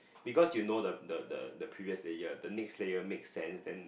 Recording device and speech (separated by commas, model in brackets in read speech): boundary microphone, conversation in the same room